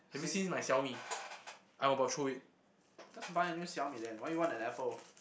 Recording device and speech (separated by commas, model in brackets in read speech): boundary microphone, conversation in the same room